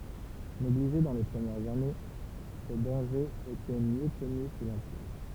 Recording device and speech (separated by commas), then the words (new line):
temple vibration pickup, read sentence
Négligés dans les premières années, ses dangers étaient mieux connus sous l'Empire.